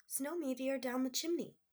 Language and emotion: English, happy